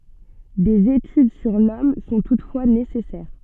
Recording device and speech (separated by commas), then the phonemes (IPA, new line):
soft in-ear microphone, read sentence
dez etyd syʁ lɔm sɔ̃ tutfwa nesɛsɛʁ